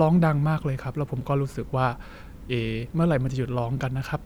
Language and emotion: Thai, neutral